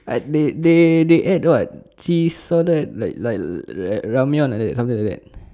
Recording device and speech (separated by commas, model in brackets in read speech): standing microphone, conversation in separate rooms